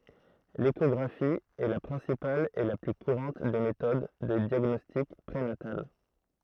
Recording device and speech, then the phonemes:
throat microphone, read sentence
leʃɔɡʁafi ɛ la pʁɛ̃sipal e la ply kuʁɑ̃t de metod də djaɡnɔstik pʁenatal

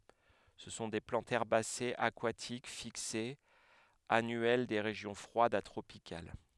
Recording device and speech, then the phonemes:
headset microphone, read sentence
sə sɔ̃ de plɑ̃tz ɛʁbasez akwatik fiksez anyɛl de ʁeʒjɔ̃ fʁwadz a tʁopikal

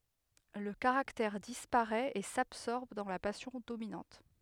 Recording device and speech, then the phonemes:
headset microphone, read sentence
lə kaʁaktɛʁ dispaʁɛt e sabsɔʁb dɑ̃ la pasjɔ̃ dominɑ̃t

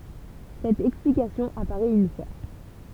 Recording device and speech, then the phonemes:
temple vibration pickup, read sentence
sɛt ɛksplikasjɔ̃ apaʁɛt yn fwa

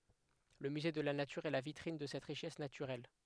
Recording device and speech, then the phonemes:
headset microphone, read sentence
lə myze də la natyʁ ɛ la vitʁin də sɛt ʁiʃɛs natyʁɛl

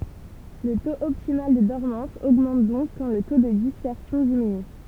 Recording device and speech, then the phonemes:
temple vibration pickup, read sentence
lə toz ɔptimal də dɔʁmɑ̃s oɡmɑ̃t dɔ̃k kɑ̃ lə to də dispɛʁsjɔ̃ diminy

